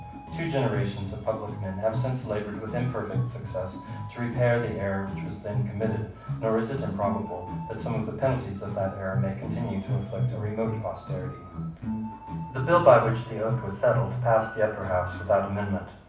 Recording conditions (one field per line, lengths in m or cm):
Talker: one person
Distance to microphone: 5.8 m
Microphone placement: far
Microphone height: 1.8 m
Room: medium-sized (5.7 m by 4.0 m)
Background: music